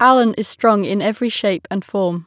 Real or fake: real